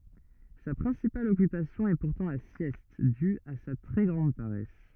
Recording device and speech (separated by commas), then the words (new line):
rigid in-ear microphone, read sentence
Sa principale occupation est pourtant la sieste, due à sa très grande paresse.